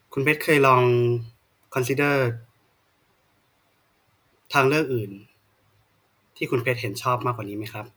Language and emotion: Thai, neutral